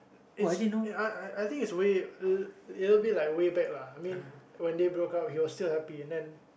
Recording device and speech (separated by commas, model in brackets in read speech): boundary microphone, conversation in the same room